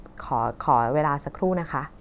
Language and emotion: Thai, neutral